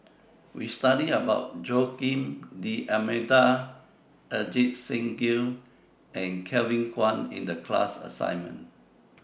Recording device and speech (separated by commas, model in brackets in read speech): boundary microphone (BM630), read sentence